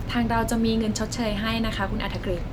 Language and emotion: Thai, neutral